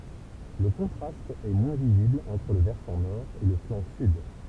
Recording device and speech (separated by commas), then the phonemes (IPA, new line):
temple vibration pickup, read sentence
lə kɔ̃tʁast ɛ mwɛ̃ vizibl ɑ̃tʁ lə vɛʁsɑ̃ nɔʁ e lə flɑ̃ syd